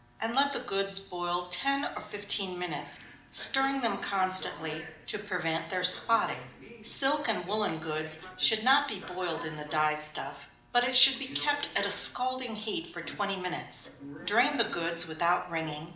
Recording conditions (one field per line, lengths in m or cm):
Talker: one person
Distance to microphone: 2.0 m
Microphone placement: close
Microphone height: 99 cm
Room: medium-sized (5.7 m by 4.0 m)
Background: television